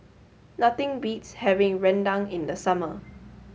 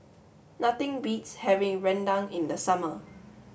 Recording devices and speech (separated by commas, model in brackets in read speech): mobile phone (Samsung S8), boundary microphone (BM630), read sentence